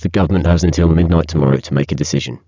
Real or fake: fake